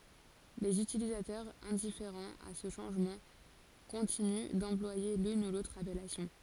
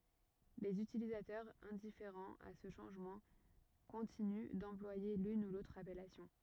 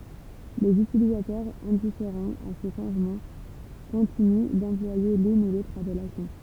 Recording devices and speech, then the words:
forehead accelerometer, rigid in-ear microphone, temple vibration pickup, read sentence
Les utilisateurs, indifférents à ce changement, continuent d’employer l’une ou l’autre appellation.

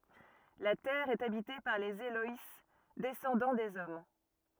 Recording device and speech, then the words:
rigid in-ear microphone, read sentence
La Terre est habitée par les Éloïs, descendants des hommes.

